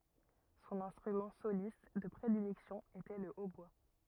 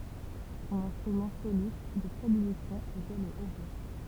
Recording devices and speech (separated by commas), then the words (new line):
rigid in-ear microphone, temple vibration pickup, read sentence
Son instrument soliste de prédilection était le hautbois.